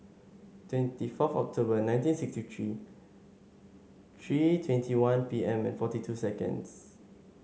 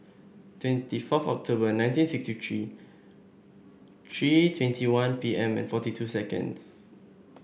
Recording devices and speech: mobile phone (Samsung S8), boundary microphone (BM630), read sentence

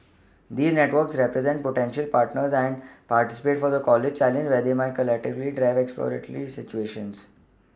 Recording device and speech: standing microphone (AKG C214), read sentence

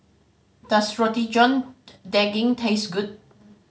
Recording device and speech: mobile phone (Samsung C5010), read sentence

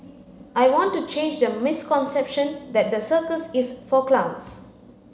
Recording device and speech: mobile phone (Samsung C9), read sentence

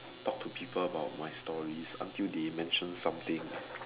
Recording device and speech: telephone, conversation in separate rooms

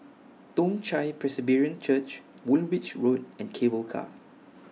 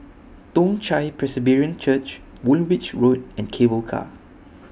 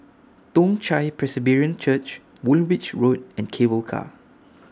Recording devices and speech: mobile phone (iPhone 6), boundary microphone (BM630), standing microphone (AKG C214), read sentence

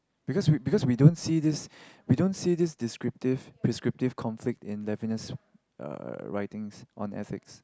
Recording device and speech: close-talking microphone, conversation in the same room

